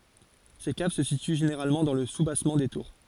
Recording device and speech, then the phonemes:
forehead accelerometer, read sentence
se kav sə sity ʒeneʁalmɑ̃ dɑ̃ lə subasmɑ̃ de tuʁ

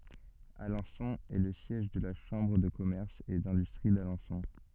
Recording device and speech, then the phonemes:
soft in-ear microphone, read sentence
alɑ̃sɔ̃ ɛ lə sjɛʒ də la ʃɑ̃bʁ də kɔmɛʁs e dɛ̃dystʁi dalɑ̃sɔ̃

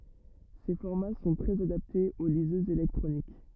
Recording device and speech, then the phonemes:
rigid in-ear microphone, read sentence
se fɔʁma sɔ̃ tʁɛz adaptez o lizøzz elɛktʁonik

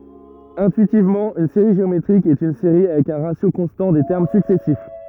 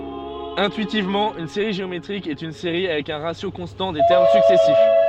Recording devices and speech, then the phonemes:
rigid in-ear microphone, soft in-ear microphone, read sentence
ɛ̃tyitivmɑ̃ yn seʁi ʒeometʁik ɛt yn seʁi avɛk œ̃ ʁasjo kɔ̃stɑ̃ de tɛʁm syksɛsif

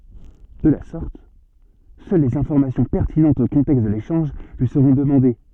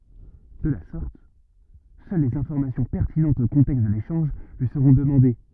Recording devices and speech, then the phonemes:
soft in-ear microphone, rigid in-ear microphone, read sentence
də la sɔʁt sœl lez ɛ̃fɔʁmasjɔ̃ pɛʁtinɑ̃tz o kɔ̃tɛkst də leʃɑ̃ʒ lyi səʁɔ̃ dəmɑ̃de

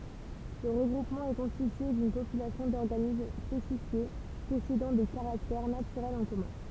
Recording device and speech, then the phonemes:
temple vibration pickup, read sentence
lə ʁəɡʁupmɑ̃ ɛ kɔ̃stitye dyn popylasjɔ̃ dɔʁɡanism spesifje pɔsedɑ̃ de kaʁaktɛʁ natyʁɛlz ɑ̃ kɔmœ̃

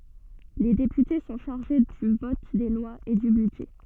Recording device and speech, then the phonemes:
soft in-ear microphone, read sentence
le depyte sɔ̃ ʃaʁʒe dy vɔt de lwaz e dy bydʒɛ

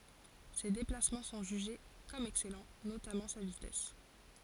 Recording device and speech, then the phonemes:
forehead accelerometer, read sentence
se deplasmɑ̃ sɔ̃ ʒyʒe kɔm ɛksɛlɑ̃ notamɑ̃ sa vitɛs

